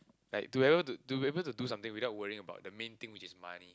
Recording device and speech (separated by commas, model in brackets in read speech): close-talking microphone, conversation in the same room